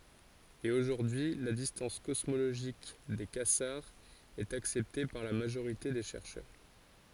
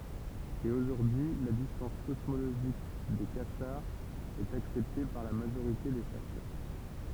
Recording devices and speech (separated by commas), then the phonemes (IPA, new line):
forehead accelerometer, temple vibration pickup, read sentence
e oʒuʁdyi y la distɑ̃s kɔsmoloʒik de kazaʁz ɛt aksɛpte paʁ la maʒoʁite de ʃɛʁʃœʁ